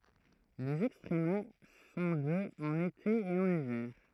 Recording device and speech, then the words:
throat microphone, read sentence
Les extrema sont de en été et en hiver.

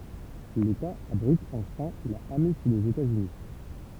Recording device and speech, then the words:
temple vibration pickup, read sentence
L'État abrite enfin la amish des États-Unis.

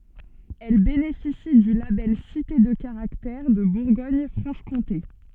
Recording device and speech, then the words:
soft in-ear microphone, read sentence
Elle bénéficie du label Cité de Caractère de Bourgogne-Franche-Comté.

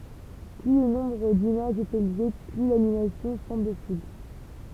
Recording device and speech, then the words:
temple vibration pickup, read sentence
Plus le nombre d'images est élevé, plus l'animation semble fluide.

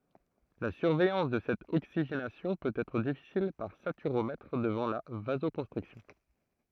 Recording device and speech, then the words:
throat microphone, read sentence
La surveillance de cette oxygénation peut être difficile par saturomètre devant la vasoconstriction.

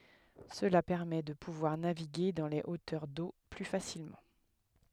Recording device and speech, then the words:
headset microphone, read sentence
Cela permet de pouvoir naviguer dans les hauteurs d'eau plus facilement.

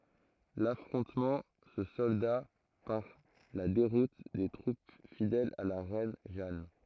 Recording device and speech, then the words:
throat microphone, read sentence
L’affrontement se solda par la déroute des troupes fidèles à la reine Jeanne.

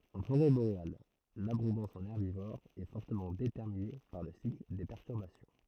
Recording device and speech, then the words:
throat microphone, read sentence
En forêt boréale, l'abondance en herbivores est fortement déterminée par le cycle des perturbations.

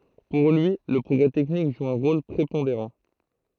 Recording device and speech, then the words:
throat microphone, read sentence
Pour lui, le progrès technique joue un rôle prépondérant.

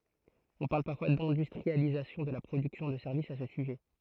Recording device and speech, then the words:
throat microphone, read sentence
On parle parfois d'industrialisation de la production de services à ce sujet.

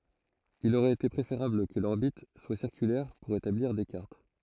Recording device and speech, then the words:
throat microphone, read sentence
Il aurait été préférable que l'orbite soit circulaire pour établir des cartes.

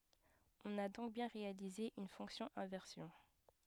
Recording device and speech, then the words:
headset microphone, read sentence
On a donc bien réalisé une fonction inversion.

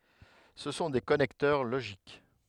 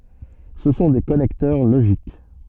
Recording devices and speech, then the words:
headset microphone, soft in-ear microphone, read sentence
Ce sont des connecteurs logiques.

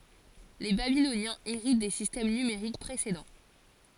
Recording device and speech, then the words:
forehead accelerometer, read sentence
Les Babyloniens héritent des systèmes numériques précédents.

